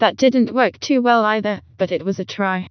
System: TTS, vocoder